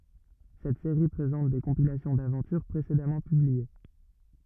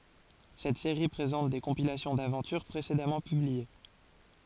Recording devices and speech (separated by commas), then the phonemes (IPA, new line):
rigid in-ear microphone, forehead accelerometer, read sentence
sɛt seʁi pʁezɑ̃t de kɔ̃pilasjɔ̃ davɑ̃tyʁ pʁesedamɑ̃ pyblie